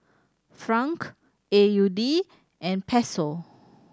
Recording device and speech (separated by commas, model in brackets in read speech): standing microphone (AKG C214), read sentence